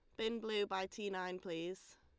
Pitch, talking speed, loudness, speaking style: 190 Hz, 200 wpm, -42 LUFS, Lombard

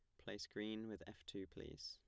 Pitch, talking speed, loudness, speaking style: 95 Hz, 215 wpm, -51 LUFS, plain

